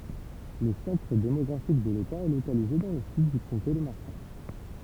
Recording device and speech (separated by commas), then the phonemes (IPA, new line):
temple vibration pickup, read sentence
lə sɑ̃tʁ demɔɡʁafik də leta ɛ lokalize dɑ̃ lə syd dy kɔ̃te də maʁʃal